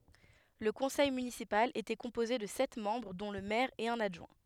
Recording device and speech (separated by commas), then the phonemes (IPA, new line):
headset microphone, read sentence
lə kɔ̃sɛj mynisipal etɛ kɔ̃poze də sɛt mɑ̃bʁ dɔ̃ lə mɛʁ e œ̃n adʒwɛ̃